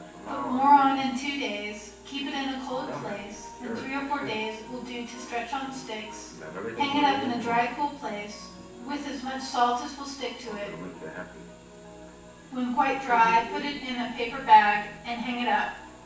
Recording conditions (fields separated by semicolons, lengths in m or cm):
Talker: one person; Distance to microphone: 9.8 m; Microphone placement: far; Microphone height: 1.8 m; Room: large; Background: television